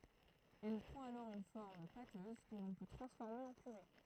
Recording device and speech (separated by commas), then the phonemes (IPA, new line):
throat microphone, read sentence
ɛl pʁɑ̃t alɔʁ yn fɔʁm patøz kə lɔ̃ pø tʁɑ̃sfɔʁme ɑ̃ pyʁe